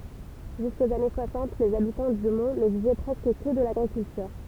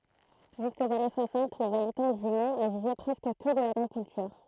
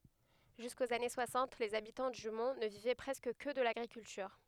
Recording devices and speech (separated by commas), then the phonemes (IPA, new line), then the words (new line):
temple vibration pickup, throat microphone, headset microphone, read sentence
ʒyskoz ane swasɑ̃t lez abitɑ̃ dy mɔ̃ nə vivɛ pʁɛskə kə də laɡʁikyltyʁ
Jusqu'aux années soixante, les habitants du Mont ne vivaient presque que de l’agriculture.